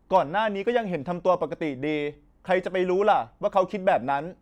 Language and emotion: Thai, frustrated